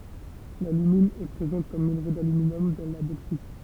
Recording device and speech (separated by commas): temple vibration pickup, read sentence